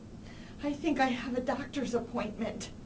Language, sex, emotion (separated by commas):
English, female, fearful